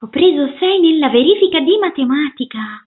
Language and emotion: Italian, surprised